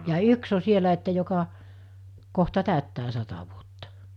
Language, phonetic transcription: Finnish, 'jaa , ja 'yks ‿o 'sielä että joka , kohta 'tä̀öttää 'sata vuotta .
- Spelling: jaa ja yksi on siellä että joka kohta täyttää sata vuotta

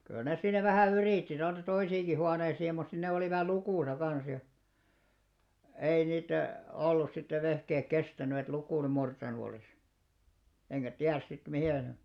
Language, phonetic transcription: Finnish, kyl nes 'siinä vähä̀ "yrìtti tonne 'toisiiŋki huaneisii mut sin ne 'olìva "lukùsa 'kan̬s ja , 'ei niitte , 'ollus sittev̆ 'vehkeek "kestäny et 'lukùl 'murtanu olìs , eŋkä "tiärs sit mihè ne ,.
- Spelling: kyllä ne siinä vähän yritti tuonne toisiinkin huoneisiin mutta sitten ne olivat lukossa kanssa ja ei niiden ollut sitten vehkeet kestänyt että lukon murtanut olisi enkä tiedä sitten miten ne

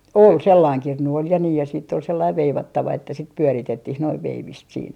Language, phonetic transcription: Finnish, "ol , 'sellaiŋ 'kirnu ol ja nii ja siitt ‿ol 'sellaiv 'veivattava että sit "pyöritettih noiv "veivist siin .
- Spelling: oli sellainen kirnu oli ja niin ja sitten oli sellainen veivattava että sitten pyöritettiin noin veivistä siinä

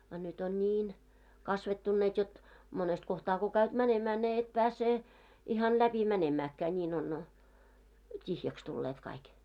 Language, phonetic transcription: Finnish, a nyt ‿on "ńiin , 'kasvettunneet jot , 'monest kohtaa ko 'käyt 'mänemää sie 'et 'pääse , 'ihan "läpi 'mänemääkkää ńiin ‿on , 't́ihjäks tulleet kaik .
- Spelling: a nyt on niin kasvettunneet jotta monesta kohtaa kun käyt menemään sinä et pääse ihan läpi menemäänkään niin on tyhjäksi tulleet kaikki

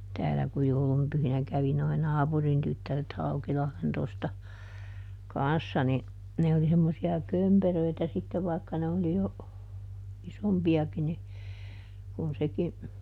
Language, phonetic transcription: Finnish, ˈtäälä ku ˈjoulum pyhinä ˈkävi noi "naapurin ˈtyttäret "Haukilahlen tosta , "kanssa ni , ˈne oli semmosi₍a "kömperöitä sittev ˈvaikka ne oli jo , ˈisompi₍aki ni , kun ˈseki ,.
- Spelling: täällä kun joulun pyhinä kävi nuo naapurin tyttäret Haukilahden tuosta kanssa niin ne oli semmoisia kömperöitä sitten vaikka ne oli jo isompiakin niin kuin sekin

